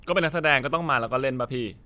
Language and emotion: Thai, frustrated